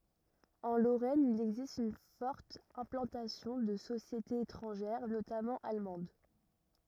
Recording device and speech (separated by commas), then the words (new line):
rigid in-ear microphone, read sentence
En Lorraine il existe une forte implantation de sociétés étrangères, notamment allemandes.